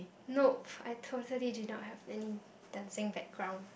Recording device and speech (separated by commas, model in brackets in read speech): boundary microphone, conversation in the same room